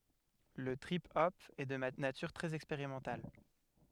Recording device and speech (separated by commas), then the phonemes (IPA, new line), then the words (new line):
headset microphone, read sentence
lə tʁip ɔp ɛ də natyʁ tʁɛz ɛkspeʁimɑ̃tal
Le trip hop est de nature très expérimentale.